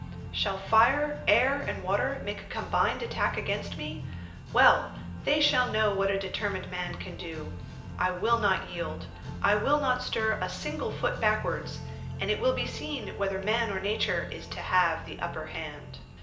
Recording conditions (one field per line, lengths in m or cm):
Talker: one person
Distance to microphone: 1.8 m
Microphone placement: close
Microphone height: 1.0 m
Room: large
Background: music